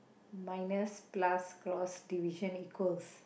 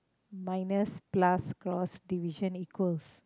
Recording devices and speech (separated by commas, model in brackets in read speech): boundary microphone, close-talking microphone, conversation in the same room